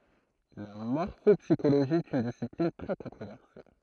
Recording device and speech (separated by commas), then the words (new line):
throat microphone, read sentence
La morphopsychologie est une discipline très controversée.